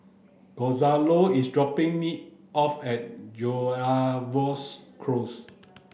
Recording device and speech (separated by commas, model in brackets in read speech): boundary microphone (BM630), read sentence